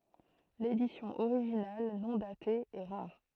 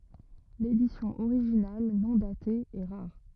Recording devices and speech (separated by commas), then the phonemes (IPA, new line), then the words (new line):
throat microphone, rigid in-ear microphone, read sentence
ledisjɔ̃ oʁiʒinal nɔ̃ date ɛ ʁaʁ
L'édition originale, non datée, est rare.